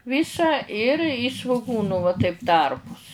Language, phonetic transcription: Lithuanian, ˈvysa ir i svuˈgūnu va taip ˈtarpus

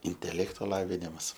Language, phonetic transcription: Lithuanian, inteˈlekto ˈlavinimas

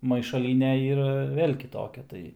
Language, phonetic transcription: Lithuanian, maišaˈlyne ˈyra ˈvėl' kiˈtokia ˈtai

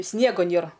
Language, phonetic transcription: Lithuanian, ˈsniego ˈnėra

